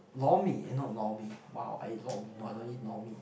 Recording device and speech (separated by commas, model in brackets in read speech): boundary microphone, conversation in the same room